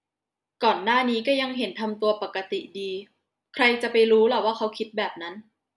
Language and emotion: Thai, frustrated